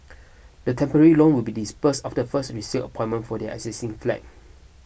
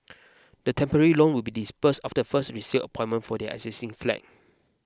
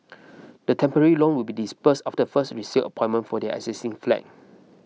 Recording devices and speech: boundary microphone (BM630), close-talking microphone (WH20), mobile phone (iPhone 6), read sentence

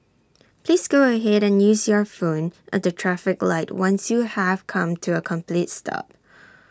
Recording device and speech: standing microphone (AKG C214), read sentence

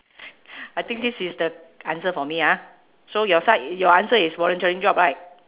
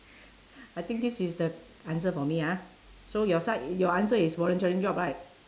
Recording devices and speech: telephone, standing microphone, conversation in separate rooms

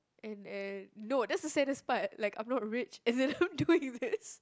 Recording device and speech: close-talking microphone, conversation in the same room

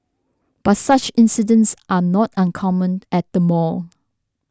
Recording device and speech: standing microphone (AKG C214), read sentence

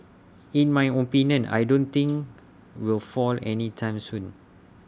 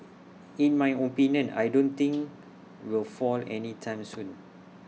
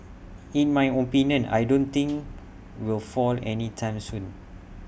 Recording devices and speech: standing microphone (AKG C214), mobile phone (iPhone 6), boundary microphone (BM630), read sentence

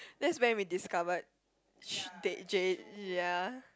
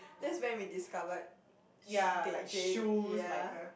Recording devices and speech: close-talking microphone, boundary microphone, conversation in the same room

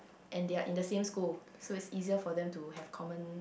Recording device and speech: boundary microphone, conversation in the same room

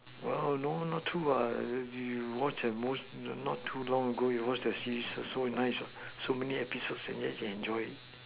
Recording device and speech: telephone, conversation in separate rooms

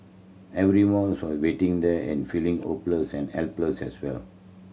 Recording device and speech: mobile phone (Samsung C7100), read sentence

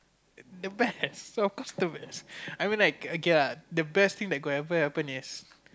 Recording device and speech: close-talking microphone, conversation in the same room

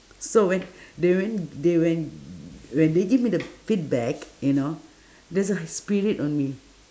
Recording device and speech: standing microphone, conversation in separate rooms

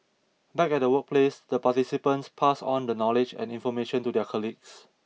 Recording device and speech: mobile phone (iPhone 6), read sentence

